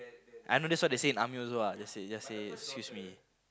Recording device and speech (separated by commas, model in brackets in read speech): close-talking microphone, conversation in the same room